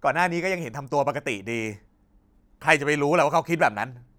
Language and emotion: Thai, frustrated